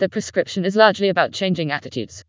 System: TTS, vocoder